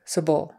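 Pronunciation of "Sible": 'Sible' is said really quickly.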